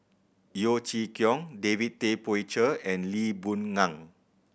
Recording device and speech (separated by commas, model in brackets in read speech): boundary microphone (BM630), read sentence